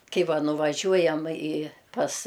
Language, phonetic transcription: Lithuanian, ˈkai ˈva nuvaˈžiuojam i pas

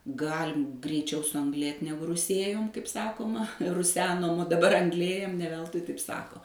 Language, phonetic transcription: Lithuanian, ˈgalim greiˈčiau suangˈlėt ˈnegu ruˈsėjom kaip ˈsakoma ruˈsenom o daˈbar angˈlėjam ne ˈveltui taip ˈsako

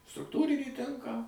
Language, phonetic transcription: Lithuanian, strukˈtūrinį ˈtinką

